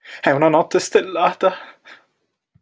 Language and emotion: Italian, fearful